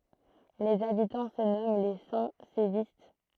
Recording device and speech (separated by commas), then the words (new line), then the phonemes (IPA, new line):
throat microphone, read sentence
Les habitants se nomment les Saint-Sévistes.
lez abitɑ̃ sə nɔmɑ̃ le sɛ̃ sevist